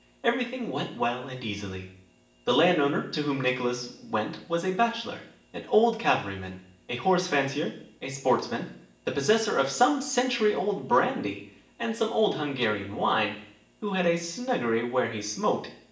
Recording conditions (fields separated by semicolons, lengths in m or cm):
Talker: one person; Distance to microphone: 1.8 m; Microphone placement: close; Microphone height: 1.0 m; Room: large; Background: none